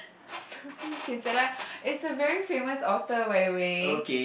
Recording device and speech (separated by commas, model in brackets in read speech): boundary microphone, conversation in the same room